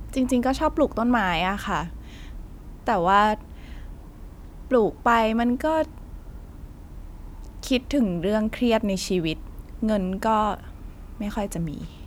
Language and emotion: Thai, frustrated